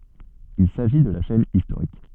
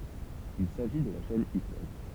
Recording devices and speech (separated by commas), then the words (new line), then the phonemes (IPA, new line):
soft in-ear microphone, temple vibration pickup, read sentence
Il s'agit de la chaîne historique.
il saʒi də la ʃɛn istoʁik